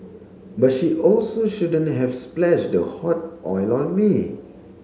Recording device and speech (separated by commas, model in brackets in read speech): mobile phone (Samsung C7), read sentence